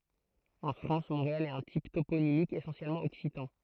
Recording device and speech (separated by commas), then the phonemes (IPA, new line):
throat microphone, read sentence
ɑ̃ fʁɑ̃s mɔ̃ʁeal ɛt œ̃ tip toponimik esɑ̃sjɛlmɑ̃ ɔksitɑ̃